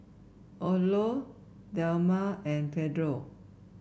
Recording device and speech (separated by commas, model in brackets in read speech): boundary microphone (BM630), read sentence